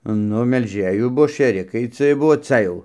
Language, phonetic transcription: Lithuanian, ˈnu melˈžėjų ˈbuo šėˈrikai ˈciej ˈbuvo ˈca jau

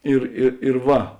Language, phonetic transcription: Lithuanian, ir ˈi ir ˈva

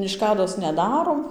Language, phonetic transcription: Lithuanian, išˈkados neˈdarom

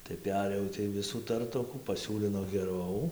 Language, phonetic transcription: Lithuanian, tai ˈperėjau tai ˈvisų ˈtartokų paˈsiūlino geˈrau

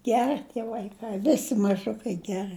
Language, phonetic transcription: Lithuanian, ˈgerɨ tie vaiˈkai ˈvisi maˈžukai ˈgerɨ

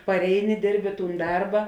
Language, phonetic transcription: Lithuanian, parˈeini ˈdirbi ˈtūn ˈdarba

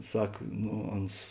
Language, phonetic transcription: Lithuanian, ˈsak no ˈans

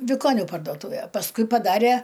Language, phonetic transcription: Lithuanian, viˈkoniu pardoˈtūvė pasˈkui paˈdarė

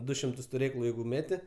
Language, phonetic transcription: Lithuanian, ˈdu šimˈtus tuˈrėklu ˈjeigu ˈmeti

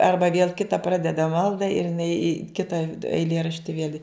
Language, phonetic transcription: Lithuanian, ˈarba vėl ˈkita ˈpradeda ˈmalda ir iˈnai i ˈkita eiˈlierašti viel' i

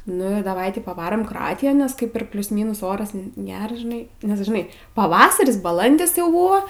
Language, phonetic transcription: Lithuanian, nu ir daˈvai ˈti paˈvarom kroˈatijon nes ˈkaip ir ˈplius ˈmynus ˈoras ˈgeras žiˈnai nes žiˈnai paˈvasaris baˈlandis jau ˈbuvo

